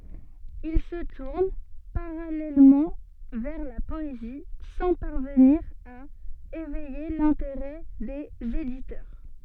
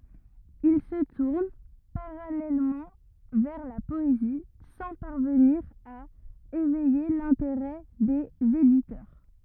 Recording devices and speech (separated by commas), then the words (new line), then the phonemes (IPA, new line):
soft in-ear microphone, rigid in-ear microphone, read sentence
Il se tourne parallèlement vers la poésie, sans parvenir à éveiller l'intérêt des éditeurs.
il sə tuʁn paʁalɛlmɑ̃ vɛʁ la pɔezi sɑ̃ paʁvəniʁ a evɛje lɛ̃teʁɛ dez editœʁ